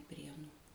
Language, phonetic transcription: Lithuanian, ˈprienų

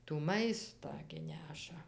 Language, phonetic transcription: Lithuanian, tų ˈmaistą gi ˈneša

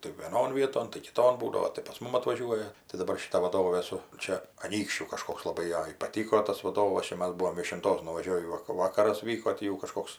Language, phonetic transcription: Lithuanian, tai vieˈnon ˈvieton tai kiˈton ˈbūdavo tai pas ˈmum atvaˈžiuoja tai daˈbar šiˈta vaˈdovė ˈsu ˈčia aˈnykščių kaˈžkoks laˈbai ˈjai paˈtyko ˈtas vaˈdovas ˈčia ˈmas ˈbuvom viešinˈtos nuvaˈžiovį ˈvak ˈvakaras ˈvyko ˈtį jau kaˈžkoks

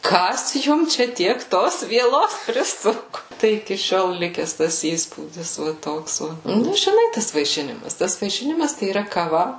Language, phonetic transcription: Lithuanian, ˈkas ˈjum ˈčia ˈtiek ˈtos vieˈlos priˈsuku ˈtai iki ˈšiol ˈlikes tas ˈįspūdis va ˈtoks ˈva ˈnu žiˈnai ˈtas vaiˈšinimas ˈtas vaiˈšinimas tai yˈra kaˈva

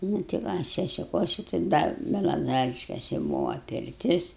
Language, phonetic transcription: Lithuanian, ˈnū ti va sesiˈkuosi tai ˈda belaˈzariškesi ˈbuvo pirˈtis

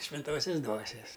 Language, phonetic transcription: Lithuanian, švinˈtosias ˈdvuosias

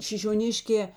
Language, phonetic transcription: Lithuanian, šišioˈniškē

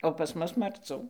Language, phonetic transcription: Lithuanian, o pas ˈmus marˈcų

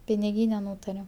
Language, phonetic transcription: Lithuanian, piniˈgyne ˈnūtarem

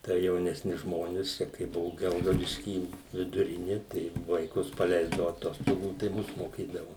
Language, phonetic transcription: Lithuanian, tai jaunesˈnius ˈžmonis ˈčia kai ˈbuvu ˈgelgaudišky viduˈrini tai vaiˈkus paˈleisdavu aˈtostogų tai ˈmus moˈkydavu

